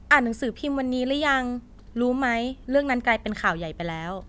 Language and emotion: Thai, neutral